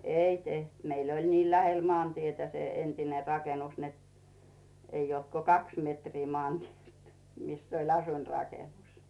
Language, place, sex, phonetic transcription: Finnish, Rautu, female, 'ei teht , 'meil ‿oĺ nii 'lähel 'moàntietä se entine 'rakenus net , 'ei olt ko "kaks 'metrii 'mᵒànt́ielt mis ‿oĺ 'asuinrakenus .
- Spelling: ei tehty meillä oli niin lähellä maantietä se entinen rakennus että ei ollut kuin kaksi metriä maantieltä missä oli asuinrakennus

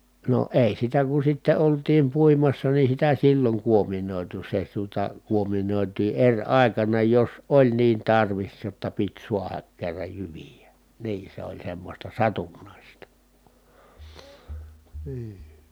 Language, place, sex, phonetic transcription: Finnish, Kitee, male, no , èi sitä ku sitte oltiim puimassa ni sitä silloŋ kuominòitu se tuota , kuominòitii eŕ ài̮kana jos oĺ niin tarvis jotta pit suahak kerraj jyvijä , nii se oĺ semmośta satunnàista , nii .
- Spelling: no ei sitä kun sitten oltiin puimassa niin sitä silloin kuominoitu se tuota kuominoitiin eri aikana jos oli niin tarvis jotta piti saada kerran jyviä niin se oli semmoista satunnaista niin

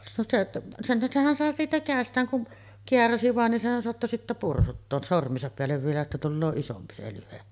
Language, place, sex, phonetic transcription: Finnish, Sotkamo, female, no se , senhän 'sehän sàe siitä 'kä̀est̀ääŋ kun , "keäräsi vàen ni 'sehän soatto sittä 'pursuttoos 'sorm̀iisap peällev vielä että 'tulloo 'isompi se lyhe .
- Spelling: no se senhän senhän sai siitä kädestään kun kääräisi vain niin senhän saattoi sitten pursuttaa sormiensa päälle vielä että tulee isompi se lyhde

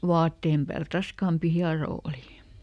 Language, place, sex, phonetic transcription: Finnish, Lieto, female, "vaatteem päält ˈraskaampi ˈhiaroo oli .
- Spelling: vaatteen päältä raskaampi hieroa oli

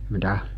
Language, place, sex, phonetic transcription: Finnish, Mikkeli, male, mi'tä ?
- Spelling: mitä

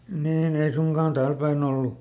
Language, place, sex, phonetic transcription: Finnish, Lieto, male, ˈniiˈn ‿ei ˈsuŋkàn "tääl päiˈn ‿ollu .
- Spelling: niin ei suinkaan täällä päin ollut

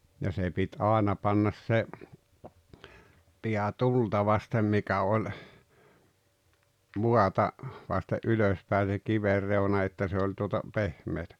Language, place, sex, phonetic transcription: Finnish, Rautalampi, male, ja se pit "aaena pannas 'se , 'piä "tulta vastem 'mikä oĺ , "muata , vaste’ "’ylos pä̀e se 'kiver 'reuna että se oĺ tuota , "pehmeetᴀ̈ .
- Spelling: ja se piti aina panna se pää tulta vasten mikä oli maata vasten ylös päin se kiven reuna että se oli tuota pehmeää

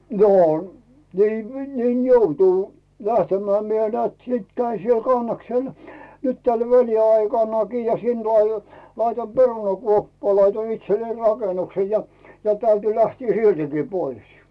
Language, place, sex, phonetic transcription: Finnish, Rautu, male, no , nii , 'niin "joutù , 'lähtem̀ää , 'mie 'nᵉäät 'sìt 'käin̬ siel 'Kannaksel , nyt täl 'väli₍aikannaki ja sin tuo a- , 'laitoim "perunakuoppaa laitoin itsellei 'rakenukse ja , ja täyty lähtii "siltiki 'pois .
- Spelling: no niin niin joutui lähtemään minä näet sitten kävin siellä Kannaksella nyt tällä väliaikanakin ja sinne tuo - laitoin perunakuoppaan laitoin itselleni rakennuksen ja ja täytyi lähteä siltikin pois

